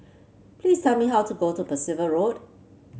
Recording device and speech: mobile phone (Samsung C7), read sentence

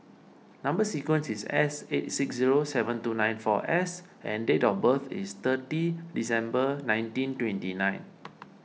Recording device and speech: mobile phone (iPhone 6), read sentence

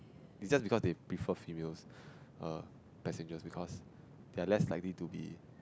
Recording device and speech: close-talking microphone, conversation in the same room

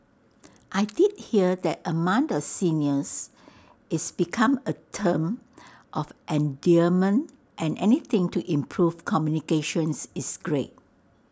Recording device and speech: standing microphone (AKG C214), read sentence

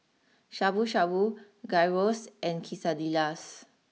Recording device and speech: mobile phone (iPhone 6), read sentence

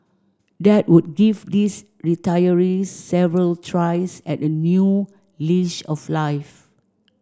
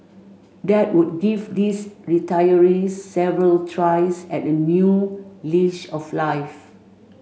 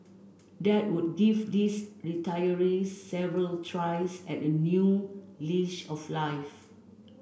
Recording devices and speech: standing microphone (AKG C214), mobile phone (Samsung C5), boundary microphone (BM630), read sentence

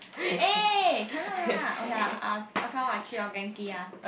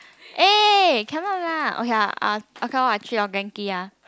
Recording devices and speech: boundary microphone, close-talking microphone, conversation in the same room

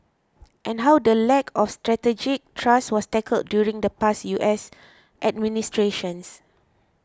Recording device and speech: close-talking microphone (WH20), read sentence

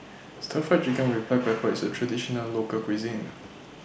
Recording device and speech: boundary microphone (BM630), read sentence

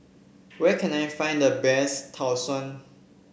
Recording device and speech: boundary microphone (BM630), read sentence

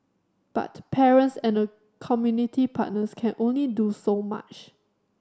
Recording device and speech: standing microphone (AKG C214), read sentence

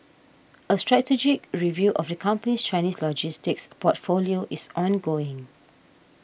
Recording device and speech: boundary microphone (BM630), read sentence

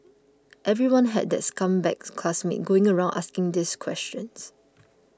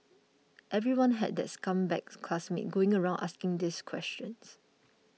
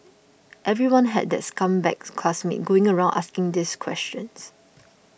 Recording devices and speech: close-talking microphone (WH20), mobile phone (iPhone 6), boundary microphone (BM630), read sentence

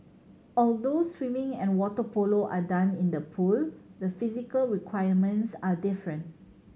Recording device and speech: mobile phone (Samsung C7100), read sentence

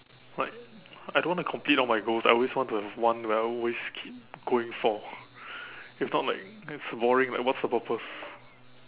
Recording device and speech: telephone, conversation in separate rooms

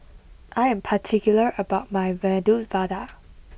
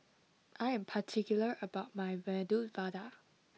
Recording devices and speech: boundary microphone (BM630), mobile phone (iPhone 6), read sentence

